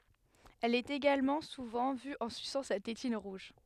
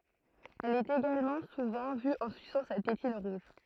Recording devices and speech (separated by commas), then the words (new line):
headset microphone, throat microphone, read sentence
Elle est également souvent vue en suçant sa tétine rouge.